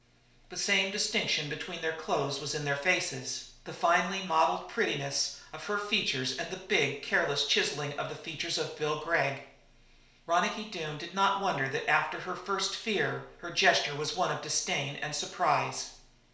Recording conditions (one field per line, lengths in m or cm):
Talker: one person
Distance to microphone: 1.0 m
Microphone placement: close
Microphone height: 1.1 m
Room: small (3.7 m by 2.7 m)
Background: none